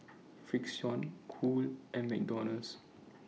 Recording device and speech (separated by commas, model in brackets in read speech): mobile phone (iPhone 6), read sentence